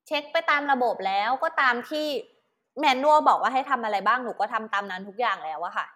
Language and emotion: Thai, frustrated